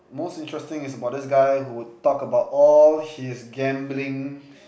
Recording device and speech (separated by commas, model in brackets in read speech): boundary microphone, conversation in the same room